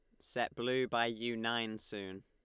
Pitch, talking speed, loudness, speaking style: 115 Hz, 175 wpm, -37 LUFS, Lombard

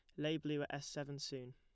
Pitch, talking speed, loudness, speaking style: 145 Hz, 270 wpm, -43 LUFS, plain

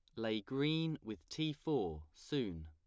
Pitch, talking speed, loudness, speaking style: 115 Hz, 145 wpm, -40 LUFS, plain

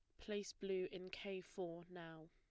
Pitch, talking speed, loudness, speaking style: 185 Hz, 170 wpm, -48 LUFS, plain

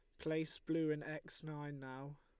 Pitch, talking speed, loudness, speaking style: 155 Hz, 180 wpm, -43 LUFS, Lombard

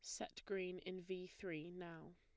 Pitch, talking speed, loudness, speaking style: 180 Hz, 185 wpm, -49 LUFS, plain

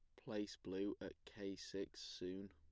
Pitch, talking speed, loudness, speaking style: 95 Hz, 165 wpm, -49 LUFS, plain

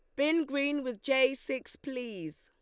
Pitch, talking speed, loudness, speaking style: 265 Hz, 165 wpm, -31 LUFS, Lombard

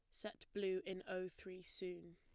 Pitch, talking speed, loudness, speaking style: 185 Hz, 185 wpm, -47 LUFS, plain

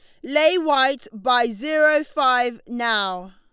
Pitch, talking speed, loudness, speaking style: 255 Hz, 120 wpm, -20 LUFS, Lombard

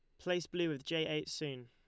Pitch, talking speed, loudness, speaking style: 160 Hz, 245 wpm, -38 LUFS, Lombard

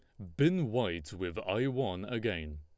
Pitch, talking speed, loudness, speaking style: 105 Hz, 165 wpm, -33 LUFS, Lombard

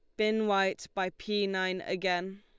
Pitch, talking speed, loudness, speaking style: 190 Hz, 165 wpm, -31 LUFS, Lombard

